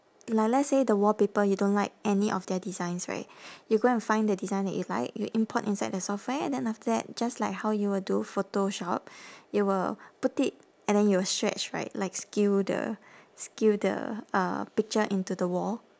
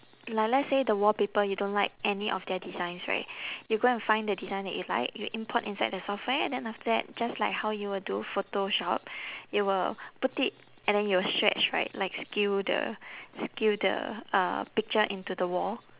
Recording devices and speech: standing microphone, telephone, conversation in separate rooms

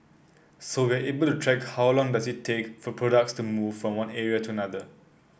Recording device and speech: boundary microphone (BM630), read sentence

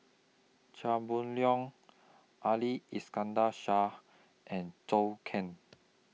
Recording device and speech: mobile phone (iPhone 6), read sentence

